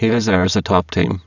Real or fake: fake